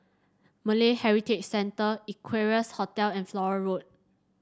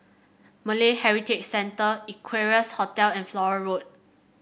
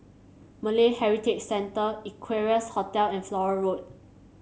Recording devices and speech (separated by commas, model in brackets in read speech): standing microphone (AKG C214), boundary microphone (BM630), mobile phone (Samsung C7), read sentence